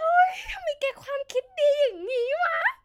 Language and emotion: Thai, happy